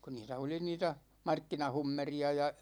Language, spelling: Finnish, kun niitä oli niitä markkinahummeria ja
- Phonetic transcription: ku 'niitä oli 'niitä , 'markkina'hummeri₍a ja ,.

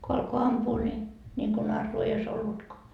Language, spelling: Finnish, kun alkoi ampua niin niin kuin narua ei olisi ollutkaan
- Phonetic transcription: ko 'alko "ampuu ni , ńiŋko 'narruu ei ois 'ollutkoa .

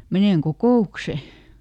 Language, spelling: Finnish, menen kokoukseen
- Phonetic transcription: » ˈmenèŋ "kokò₍ukse . »

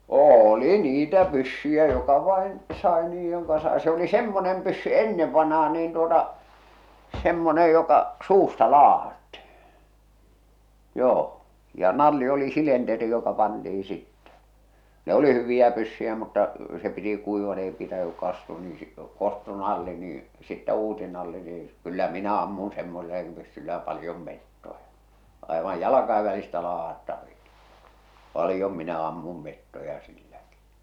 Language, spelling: Finnish, oli niitä pyssyjä joka vain sai niin joka sai se oli semmoinen pyssy ennen vanhaan niin tuota semmoinen joka suusta ladattiin joo ja nalli oli silenteri joka pantiin sitten ne oli hyviä pyssyjä mutta se piti kuivat ei pitänyt kastua niin - kostui nalli niin sitten uusi nalli niin ei - kyllä minä ammuin semmoisella pyssyllä paljon metsoja aivan jalkojen välistä ladattavia paljon minä ammun metsoja silläkin
- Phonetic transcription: 'ôli 'niitä 'pyssyjä joka vàen , sàe niij joka sae se oli 'semmonem pyssy "ennev vanh̬aa niin tuota , 'semmonej joka , 'suusta "laahattihɪ , joo , ja 'nalli oli 'silenteri joka panti₍i sittɛ , 'ne oli 'hyviʲä pyssyjä mutta , se piti 'kuivat ei pitäny kastua nii si- 'kostu 'nalli niiḭ , sittä 'uusi nalli nii ᵉⁱ ˢⁱ kyllä "minä 'ammun 'semmosellaᵏⁱᵐ 'pyssyllä 'palⁱjom 'mettoja , àevaj "jalakaiv välistä laah̬attaviᴀ , 'palⁱjom minä ammum 'mettoja 'silläkɪ .

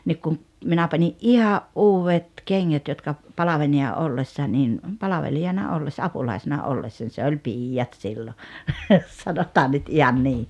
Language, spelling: Finnish, niin kun minä panin ihan uudet kengät jotka palvelijana ollessa niin palvelijana ollessa apulaisena ollessa se oli piiat silloin sanotaan nyt ihan niin
- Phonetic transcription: 'niik kum , 'minä pańi’ "’iha’ "’uuwvet 'keŋŋät jotka , 'palavenija '’ollessa nin ’palavelijana 'ollessa "apulàisena '’ollessań se oĺ "piijjat sillo , 'sanotaan nyt 'ihan 'nii .

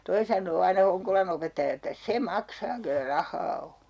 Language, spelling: Finnish, toi sanoo aina Honkolan opettaja että se maksaa kenellä rahaa on
- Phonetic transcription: 'toi san̆noo aina 'Hoŋkolan ‿opettaja että » "se 'maksaa kellä 'rah̆haa o » .

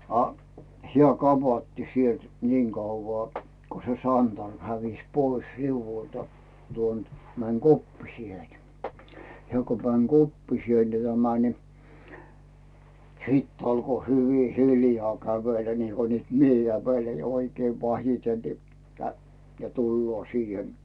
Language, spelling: Finnish, a hän kapatti sieltä niin kauan kun se santarmi hävisi pois riu'ulta tuon että meni koppiseen että hän kun meni koppiselle tämä niin sitten alkoi hyvin hiljaa kävellä niin kuin nyt minä ja kävelee oikein vasiten niin - ja tulee siihen
- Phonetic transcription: a , 'hⁱä̀ "kapatti sielt , niiŋ 'kauvvaa , ko se "santarm 'hävis pois 'riuvvultA , tuon ‿t , män "koppisie ‿t , hᵉä̀ ku män "koppisielle tämä ni , 'siit alko hyvi 'hiljaa 'kävelä niiko nyt mie ja (kä)vele 'oikei "vasiten ni , kä- ja 'tulloo 'siihen .

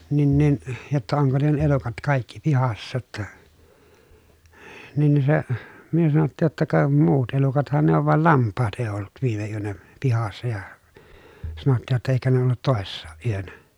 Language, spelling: Finnish, niin niin jotta onko ne elukat kaikki pihassa jotta niin niin se me sanottiin jotta ka muut elukathan ne on vaan lampaat ei ollut viime yönä pihassa ja sanottiin jotta eikä ne ollut toissakaan yönä
- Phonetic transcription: » nin nin , jotta oŋko ne elukat kàikki pihassa ‿tta ? » , nin ni se , myö sanottiij jotta » ka , muut elukathan ne ov val lamppaat èi̮ ollut viime yönä , pihassa ja » , sanottiij jotta » eikä ne ollut tòessaaʼ ʼyönä » .

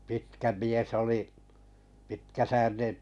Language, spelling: Finnish, pitkä mies oli pitkäsäärinen
- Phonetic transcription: 'pitkä "mies oli , pitkä'säärine’ .

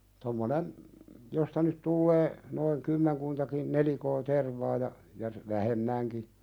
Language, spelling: Finnish, tuommoinen josta nyt tulee noin kymmenkuntakin nelikkoa tervaa ja ja vähemmänkin
- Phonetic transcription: tommonen , josta nyt 'tullee , noiŋ "kymmeŋkuntakin 'nelikoo "tervaa ja , ja , 'vähem"mäŋki .

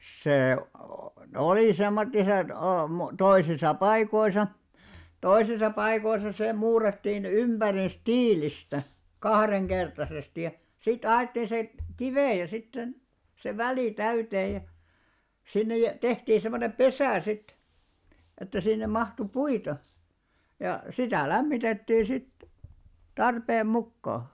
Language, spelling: Finnish, se oli semmoiset - toisissa paikoissa toisissa paikoissa se muurattiin ympäriinsä tiilistä kaksinkertaisesti ja sitten alettiin se kiviä sitten se se väli täyteen ja sinne ja tehtiin semmoinen pesä sitten että sinne mahtui puita ja sitä lämmitettiin sitten tarpeen mukaan
- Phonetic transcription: 'see , 'olì 'semmottiset o+- , 'toisisa 'paikoisa , 'toisisa paikoisa se 'muurattiin 'ymʙärins "tiilistä , "kahreŋkertasesti ja , 'sit 'a₍èttiin̬ se , "kivèjä sit se , se 'välì 'täytee ja , sinne ja , 'tehtii semmonem "ʙesä̀ 'sit että sinnem 'mahtu "puita , ja , sitä̀ 'lämmitettii 'sit , "tarpeem 'mukkaa .

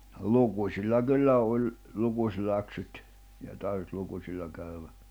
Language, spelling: Finnish, no lukusilla kyllä oli lukuläksyt ja tarvitsi lukusilla käydä
- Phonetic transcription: no , 'lukus̀illa 'kyllä oĺ , 'lukuśläksyt , ja tarʿᵛⁱʰʾt 'lukusilla käyvä .

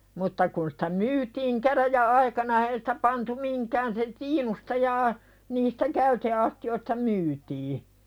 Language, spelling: Finnish, mutta kun sitä myytiin käräjäaikana eihän sitä pantu mihinkään se tiinusta ja niistä käyteastioista myytiin
- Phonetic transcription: mutta kun sᴵtä 'myytiiŋ käräjä'₍aikana e(ihän) sᴵtä pantu 'miŋkään se "tiinusta jaa , niistä "käyte₍asti₍oista 'myytii .

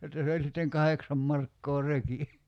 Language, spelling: Finnish, jotta se oli sitten kahdeksan markkaa reki
- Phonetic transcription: jotta se oĺ sitteŋ "kaheksam 'markkoo "reki .

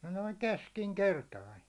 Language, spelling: Finnish, noin keskinkertainen
- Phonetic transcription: noiŋ 'keskiŋ"kertain̬ .

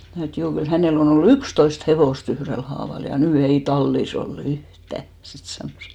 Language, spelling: Finnish, minä sanoin että juu kyllä hänellä on ollut yksitoista hevosta yhdellä haavalla ja nyt ei tallissa ole yhtään sitten sanoi
- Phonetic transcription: (mä sno) et 'juu , kyl 'hänell ‿on ‿ollu "ykstoist 'hevòs"t ‿yhrel haaval ja "nỳ 'ei 'tallis ‿o"l ‿yhtä , 'sit sanòs .

